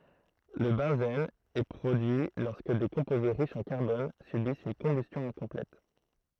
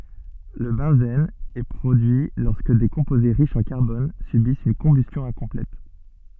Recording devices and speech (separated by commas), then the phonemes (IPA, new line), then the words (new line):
throat microphone, soft in-ear microphone, read sentence
lə bɑ̃zɛn ɛ pʁodyi lɔʁskə de kɔ̃poze ʁiʃz ɑ̃ kaʁbɔn sybist yn kɔ̃bystjɔ̃ ɛ̃kɔ̃plɛt
Le benzène est produit lorsque des composés riches en carbone subissent une combustion incomplète.